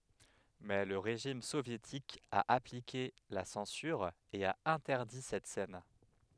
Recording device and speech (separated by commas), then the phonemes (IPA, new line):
headset microphone, read sentence
mɛ lə ʁeʒim sovjetik a aplike la sɑ̃syʁ e a ɛ̃tɛʁdi sɛt sɛn